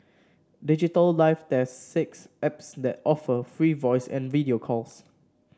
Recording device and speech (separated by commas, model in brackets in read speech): standing microphone (AKG C214), read sentence